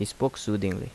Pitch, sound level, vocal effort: 105 Hz, 78 dB SPL, normal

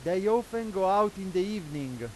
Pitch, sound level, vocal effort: 190 Hz, 100 dB SPL, very loud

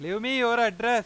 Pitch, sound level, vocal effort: 235 Hz, 103 dB SPL, loud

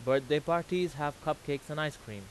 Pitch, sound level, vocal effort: 150 Hz, 93 dB SPL, very loud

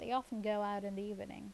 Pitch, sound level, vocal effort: 205 Hz, 82 dB SPL, normal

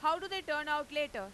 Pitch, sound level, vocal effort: 295 Hz, 102 dB SPL, very loud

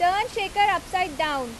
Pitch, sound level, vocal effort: 365 Hz, 93 dB SPL, very loud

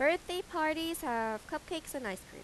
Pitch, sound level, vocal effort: 310 Hz, 88 dB SPL, normal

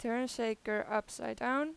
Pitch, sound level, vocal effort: 235 Hz, 90 dB SPL, loud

